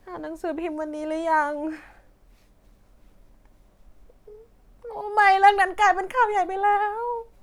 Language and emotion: Thai, sad